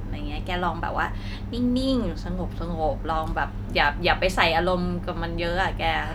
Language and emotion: Thai, neutral